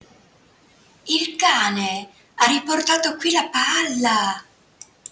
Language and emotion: Italian, surprised